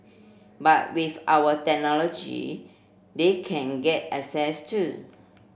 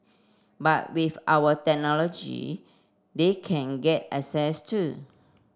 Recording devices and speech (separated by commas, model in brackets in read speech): boundary microphone (BM630), standing microphone (AKG C214), read sentence